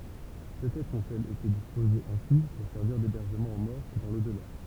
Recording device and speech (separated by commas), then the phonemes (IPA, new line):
temple vibration pickup, read sentence
pøtɛtʁ ɔ̃tɛlz ete dispozez ɛ̃si puʁ sɛʁviʁ debɛʁʒəmɑ̃ o mɔʁ dɑ̃ lodla